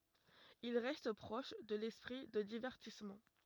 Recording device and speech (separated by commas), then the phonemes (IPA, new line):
rigid in-ear microphone, read sentence
il ʁɛst pʁɔʃ də lɛspʁi də divɛʁtismɑ̃